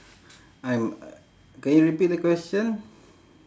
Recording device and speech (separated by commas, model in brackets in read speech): standing microphone, conversation in separate rooms